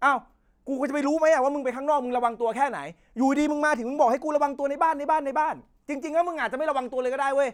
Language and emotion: Thai, angry